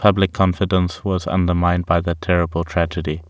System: none